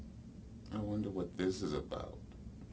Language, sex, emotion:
English, male, neutral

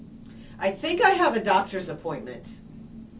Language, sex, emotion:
English, female, disgusted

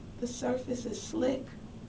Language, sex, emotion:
English, female, sad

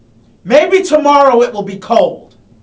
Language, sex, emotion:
English, male, angry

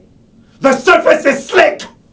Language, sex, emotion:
English, male, angry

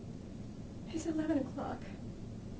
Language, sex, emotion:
English, female, sad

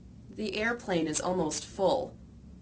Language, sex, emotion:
English, female, neutral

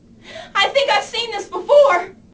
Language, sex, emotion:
English, female, fearful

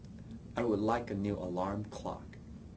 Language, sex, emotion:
English, male, disgusted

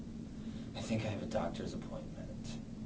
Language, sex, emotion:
English, male, disgusted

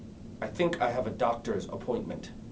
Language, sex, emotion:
English, male, neutral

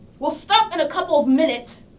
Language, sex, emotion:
English, female, angry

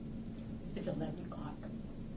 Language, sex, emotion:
English, female, neutral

